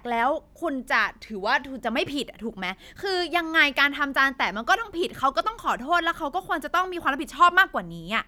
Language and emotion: Thai, angry